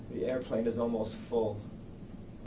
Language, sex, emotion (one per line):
English
male
neutral